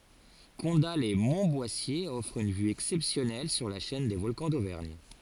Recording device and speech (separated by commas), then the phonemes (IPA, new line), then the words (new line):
forehead accelerometer, read sentence
kɔ̃datlɛsmɔ̃tbwasje ɔfʁ yn vy ɛksɛpsjɔnɛl syʁ la ʃɛn de vɔlkɑ̃ dovɛʁɲ
Condat-lès-Montboissier offre une vue exceptionnelle sur la chaîne des Volcans d'Auvergne.